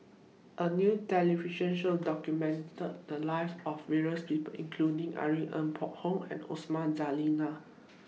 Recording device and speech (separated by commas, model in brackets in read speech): mobile phone (iPhone 6), read sentence